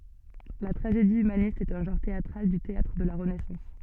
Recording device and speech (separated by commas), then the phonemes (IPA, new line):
soft in-ear microphone, read sentence
la tʁaʒedi ymanist ɛt œ̃ ʒɑ̃ʁ teatʁal dy teatʁ də la ʁənɛsɑ̃s